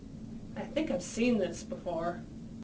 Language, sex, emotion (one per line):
English
female
disgusted